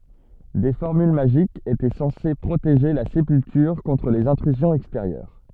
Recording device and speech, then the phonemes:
soft in-ear microphone, read sentence
de fɔʁmyl maʒikz etɛ sɑ̃se pʁoteʒe la sepyltyʁ kɔ̃tʁ lez ɛ̃tʁyzjɔ̃z ɛksteʁjœʁ

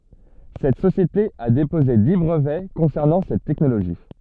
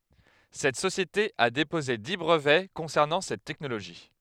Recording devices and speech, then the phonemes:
soft in-ear microphone, headset microphone, read sentence
sɛt sosjete a depoze di bʁəvɛ kɔ̃sɛʁnɑ̃ sɛt tɛknoloʒi

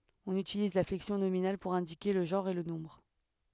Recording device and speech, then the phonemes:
headset microphone, read sentence
ɔ̃n ytiliz la flɛksjɔ̃ nominal puʁ ɛ̃dike lə ʒɑ̃ʁ e lə nɔ̃bʁ

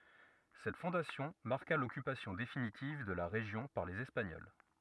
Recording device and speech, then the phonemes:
rigid in-ear microphone, read sentence
sɛt fɔ̃dasjɔ̃ maʁka lɔkypasjɔ̃ definitiv də la ʁeʒjɔ̃ paʁ lez ɛspaɲɔl

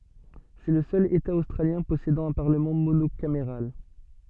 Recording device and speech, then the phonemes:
soft in-ear microphone, read sentence
sɛ lə sœl eta ostʁaljɛ̃ pɔsedɑ̃ œ̃ paʁləmɑ̃ monokameʁal

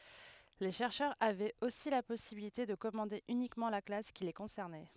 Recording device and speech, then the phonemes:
headset microphone, read sentence
le ʃɛʁʃœʁz avɛt osi la pɔsibilite də kɔmɑ̃de ynikmɑ̃ la klas ki le kɔ̃sɛʁnɛ

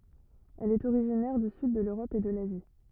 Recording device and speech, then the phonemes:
rigid in-ear microphone, read sentence
ɛl ɛt oʁiʒinɛʁ dy syd də løʁɔp e də lazi

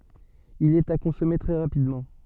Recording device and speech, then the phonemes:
soft in-ear microphone, read sentence
il ɛt a kɔ̃sɔme tʁɛ ʁapidmɑ̃

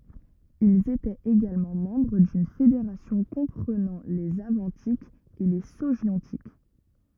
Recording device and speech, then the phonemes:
rigid in-ear microphone, read sentence
ilz etɛt eɡalmɑ̃ mɑ̃bʁ dyn fedeʁasjɔ̃ kɔ̃pʁənɑ̃ lez avɑ̃tikz e le soʒjɔ̃tik

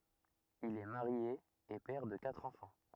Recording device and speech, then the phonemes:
rigid in-ear microphone, read sentence
il ɛ maʁje e pɛʁ də katʁ ɑ̃fɑ̃

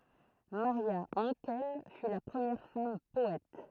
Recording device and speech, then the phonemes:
throat microphone, read sentence
maʁja ɑ̃kɛl fy la pʁəmjɛʁ fam pɔɛt

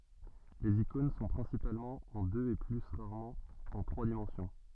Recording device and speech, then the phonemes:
soft in-ear microphone, read sentence
lez ikɔ̃n sɔ̃ pʁɛ̃sipalmɑ̃ ɑ̃ døz e ply ʁaʁmɑ̃ ɑ̃ tʁwa dimɑ̃sjɔ̃

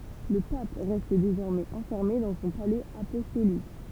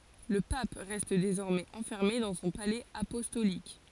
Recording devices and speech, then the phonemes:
temple vibration pickup, forehead accelerometer, read sentence
lə pap ʁɛst dezɔʁmɛz ɑ̃fɛʁme dɑ̃ sɔ̃ palɛz apɔstolik

